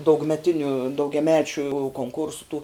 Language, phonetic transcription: Lithuanian, daugmeˈtiniu daugiaˈmečiu konˈkursu tų

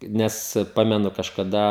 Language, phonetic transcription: Lithuanian, ˈnes ˈpamenu kažkaˈda

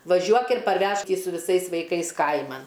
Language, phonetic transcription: Lithuanian, vaˈžiuok ir parˈvežk i su viˈsais vaiˈkais ˈkaiman

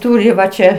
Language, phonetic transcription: Lithuanian, ˈtūri va ˈčia

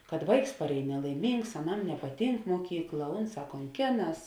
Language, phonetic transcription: Lithuanian, kad ˈvaiks parˈēj nelaiˈmyngs aˈnam nepaˈtynk muoˈkykla ˈunˌsā konˈkėˌnas

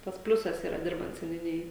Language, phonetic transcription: Lithuanian, ˈtas ˈpliusas ˈyra ˈdirbant seniuˈnijoj

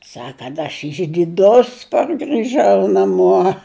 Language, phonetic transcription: Lithuanian, ˈsak kad aš išdiˈdus pargiˈžau naˈmuo

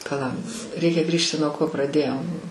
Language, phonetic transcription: Lithuanian, paˈla ˈreikia ˈgrįžti nuo ˈko praˈdėjom

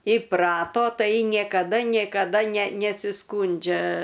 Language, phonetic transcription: Lithuanian, iˈprato ˈtai nėkaˈda nėkaˈda ne nesiˈskūndžia

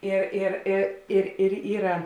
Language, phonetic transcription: Lithuanian, ˈir ir ˈi ir ir ˈyra

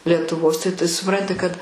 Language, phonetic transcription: Lithuanian, lietuˈvos tai t suˈpranti kad

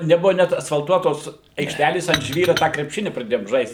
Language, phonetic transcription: Lithuanian, neˈbuva ˈnet asfalˈtuotos aikšˈtælės ant ˈžvyru tą krepˈšini praˈdėjom ˈžaist

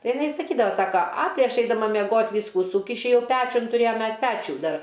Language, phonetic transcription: Lithuanian, ˈtai iˈnai saˈkydava ˈsaka a ˈtai ˈaš eidaˈma meˈgot' ˈvysku ˈsūkiši ˈjauˈpečiun tuˈrėjam ˈmes ˈpečių ˈdar

